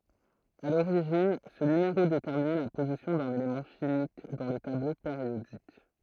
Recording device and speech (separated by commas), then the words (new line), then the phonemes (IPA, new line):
throat microphone, read sentence
À l'origine, ce numéro déterminait la position d'un élément chimique dans le tableau périodique.
a loʁiʒin sə nymeʁo detɛʁminɛ la pozisjɔ̃ dœ̃n elemɑ̃ ʃimik dɑ̃ lə tablo peʁjodik